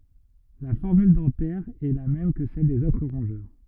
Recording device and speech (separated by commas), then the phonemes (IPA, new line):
rigid in-ear microphone, read sentence
la fɔʁmyl dɑ̃tɛʁ ɛ la mɛm kə sɛl dez otʁ ʁɔ̃ʒœʁ